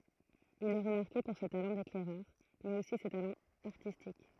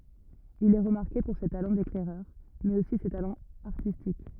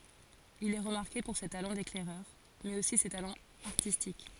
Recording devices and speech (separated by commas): throat microphone, rigid in-ear microphone, forehead accelerometer, read sentence